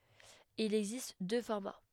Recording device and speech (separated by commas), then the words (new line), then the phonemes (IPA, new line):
headset microphone, read sentence
Il existe deux formats.
il ɛɡzist dø fɔʁma